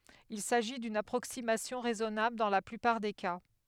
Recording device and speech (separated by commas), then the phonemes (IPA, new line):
headset microphone, read sentence
il saʒi dyn apʁoksimasjɔ̃ ʁɛzɔnabl dɑ̃ la plypaʁ de ka